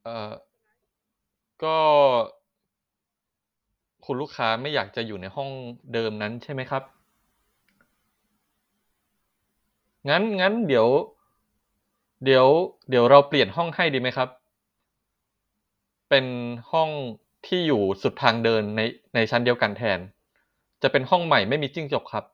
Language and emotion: Thai, neutral